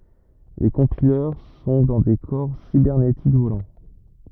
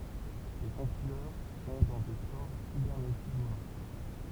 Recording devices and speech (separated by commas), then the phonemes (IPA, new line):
rigid in-ear microphone, temple vibration pickup, read sentence
le kɔ̃pilœʁ sɔ̃ dɑ̃ de kɔʁ sibɛʁnetik volɑ̃